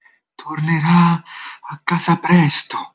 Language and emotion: Italian, fearful